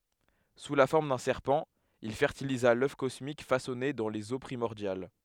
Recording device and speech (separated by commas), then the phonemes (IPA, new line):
headset microphone, read sentence
su la fɔʁm dœ̃ sɛʁpɑ̃ il fɛʁtiliza lœf kɔsmik fasɔne dɑ̃ lez o pʁimɔʁdjal